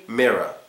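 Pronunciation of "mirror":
'Mirror' is pronounced correctly here, with a schwa sound in the last syllable.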